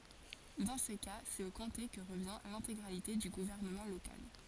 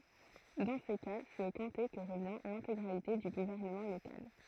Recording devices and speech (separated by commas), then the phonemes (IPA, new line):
forehead accelerometer, throat microphone, read sentence
dɑ̃ sə ka sɛt o kɔ̃te kə ʁəvjɛ̃ lɛ̃teɡʁalite dy ɡuvɛʁnəmɑ̃ lokal